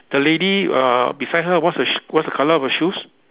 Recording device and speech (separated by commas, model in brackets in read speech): telephone, conversation in separate rooms